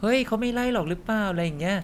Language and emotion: Thai, neutral